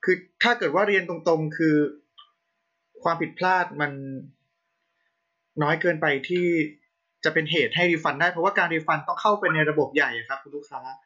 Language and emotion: Thai, neutral